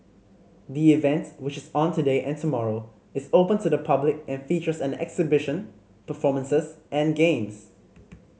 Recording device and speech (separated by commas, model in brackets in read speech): mobile phone (Samsung C5010), read sentence